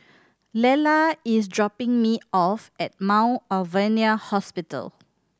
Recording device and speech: standing microphone (AKG C214), read sentence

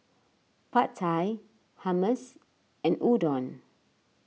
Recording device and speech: mobile phone (iPhone 6), read sentence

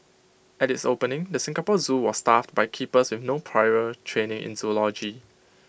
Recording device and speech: boundary microphone (BM630), read sentence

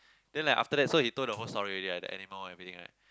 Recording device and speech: close-talking microphone, conversation in the same room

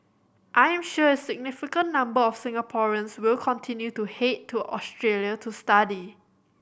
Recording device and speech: boundary microphone (BM630), read sentence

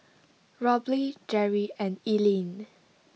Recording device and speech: mobile phone (iPhone 6), read sentence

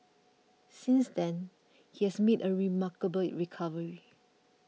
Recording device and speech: mobile phone (iPhone 6), read sentence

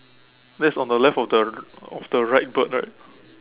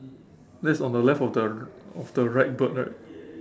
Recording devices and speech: telephone, standing microphone, conversation in separate rooms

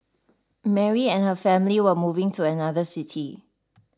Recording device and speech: standing microphone (AKG C214), read sentence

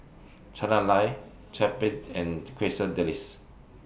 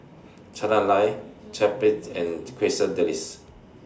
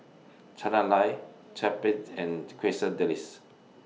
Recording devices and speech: boundary microphone (BM630), standing microphone (AKG C214), mobile phone (iPhone 6), read sentence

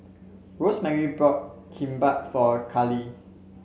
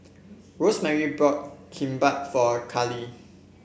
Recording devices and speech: mobile phone (Samsung C7), boundary microphone (BM630), read sentence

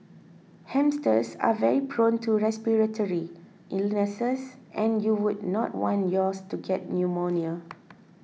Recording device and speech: mobile phone (iPhone 6), read sentence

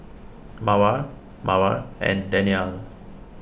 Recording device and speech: boundary microphone (BM630), read sentence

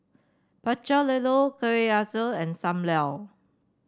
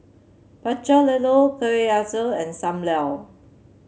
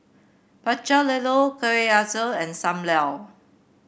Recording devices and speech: standing microphone (AKG C214), mobile phone (Samsung C7), boundary microphone (BM630), read sentence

